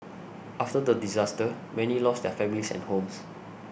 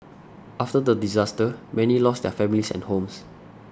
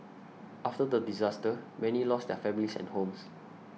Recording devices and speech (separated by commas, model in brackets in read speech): boundary microphone (BM630), standing microphone (AKG C214), mobile phone (iPhone 6), read sentence